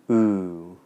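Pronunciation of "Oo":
This is the oo vowel sound of a standard British English accent, and it is long.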